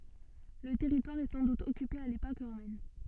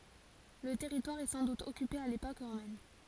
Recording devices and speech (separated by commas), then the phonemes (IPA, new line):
soft in-ear microphone, forehead accelerometer, read sentence
lə tɛʁitwaʁ ɛ sɑ̃ dut ɔkype a lepok ʁomɛn